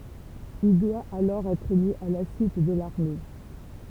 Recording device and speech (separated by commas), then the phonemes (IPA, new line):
temple vibration pickup, read sentence
il dwa alɔʁ ɛtʁ mi a la syit də laʁme